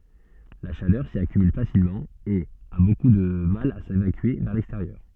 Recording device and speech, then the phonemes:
soft in-ear microphone, read sentence
la ʃalœʁ si akymyl fasilmɑ̃ e a boku də mal a sevakye vɛʁ lɛksteʁjœʁ

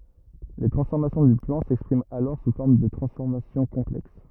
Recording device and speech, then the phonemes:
rigid in-ear microphone, read sentence
le tʁɑ̃sfɔʁmasjɔ̃ dy plɑ̃ sɛkspʁimt alɔʁ su fɔʁm də tʁɑ̃sfɔʁmasjɔ̃ kɔ̃plɛks

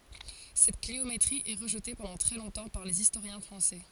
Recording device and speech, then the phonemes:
forehead accelerometer, read sentence
sɛt kliometʁi ɛ ʁəʒte pɑ̃dɑ̃ tʁɛ lɔ̃tɑ̃ paʁ lez istoʁjɛ̃ fʁɑ̃sɛ

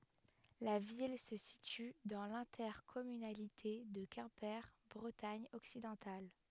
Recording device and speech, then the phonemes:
headset microphone, read sentence
la vil sə sity dɑ̃ lɛ̃tɛʁkɔmynalite də kɛ̃pe bʁətaɲ ɔksidɑ̃tal

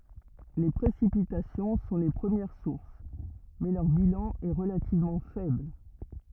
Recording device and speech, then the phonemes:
rigid in-ear microphone, read sentence
le pʁesipitasjɔ̃ sɔ̃ le pʁəmjɛʁ suʁs mɛ lœʁ bilɑ̃ ɛ ʁəlativmɑ̃ fɛbl

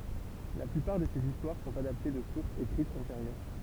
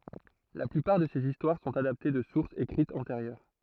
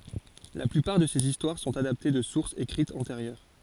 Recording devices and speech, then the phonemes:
temple vibration pickup, throat microphone, forehead accelerometer, read sentence
la plypaʁ də sez istwaʁ sɔ̃t adapte də suʁsz ekʁitz ɑ̃teʁjœʁ

